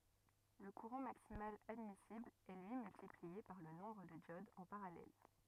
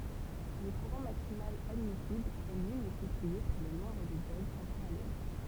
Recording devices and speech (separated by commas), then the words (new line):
rigid in-ear microphone, temple vibration pickup, read sentence
Le courant maximal admissible est lui multiplié par le nombre de diodes en parallèle.